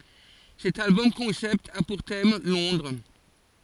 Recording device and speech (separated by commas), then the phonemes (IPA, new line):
forehead accelerometer, read sentence
sɛt albɔm kɔ̃sɛpt a puʁ tɛm lɔ̃dʁ